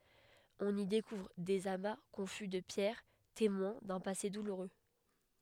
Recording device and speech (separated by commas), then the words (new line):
headset microphone, read sentence
On y découvre des amas confus de pierres, témoins d'un passé douloureux.